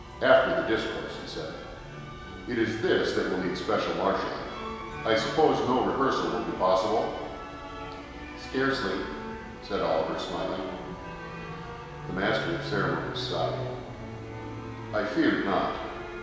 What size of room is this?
A big, very reverberant room.